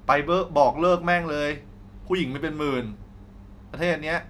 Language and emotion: Thai, frustrated